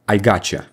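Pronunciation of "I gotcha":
'I got you' is said with an assimilated pronunciation: the sound at the end of 'got' and the sound at the start of 'you' assimilate.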